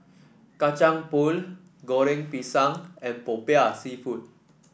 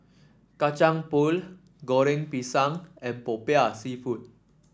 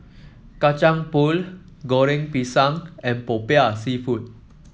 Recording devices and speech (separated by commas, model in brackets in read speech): boundary microphone (BM630), standing microphone (AKG C214), mobile phone (iPhone 7), read sentence